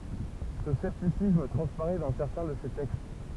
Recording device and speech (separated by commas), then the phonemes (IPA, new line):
temple vibration pickup, read sentence
sə sɛptisism tʁɑ̃spaʁɛ dɑ̃ sɛʁtɛ̃ də se tɛkst